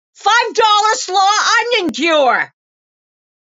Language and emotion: English, fearful